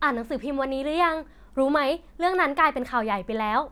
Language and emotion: Thai, happy